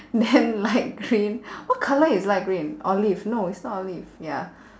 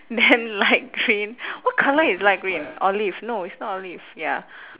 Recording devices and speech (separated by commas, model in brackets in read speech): standing microphone, telephone, conversation in separate rooms